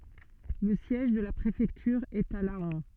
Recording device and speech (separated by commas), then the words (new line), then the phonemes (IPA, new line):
soft in-ear microphone, read sentence
Le siège de la préfecture est à Laon.
lə sjɛʒ də la pʁefɛktyʁ ɛt a lɑ̃